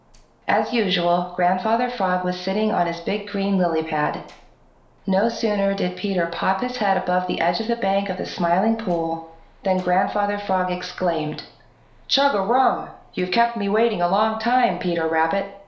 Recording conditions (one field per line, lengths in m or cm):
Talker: one person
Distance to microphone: 1.0 m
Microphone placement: close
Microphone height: 1.1 m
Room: small (3.7 m by 2.7 m)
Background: none